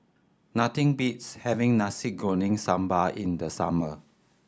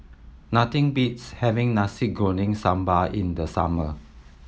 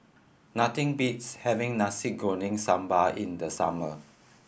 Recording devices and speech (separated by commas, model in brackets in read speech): standing microphone (AKG C214), mobile phone (iPhone 7), boundary microphone (BM630), read sentence